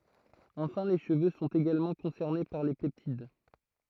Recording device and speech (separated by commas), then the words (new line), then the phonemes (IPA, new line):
throat microphone, read sentence
Enfin les cheveux sont également concernés par les peptides.
ɑ̃fɛ̃ le ʃəvø sɔ̃t eɡalmɑ̃ kɔ̃sɛʁne paʁ le pɛptid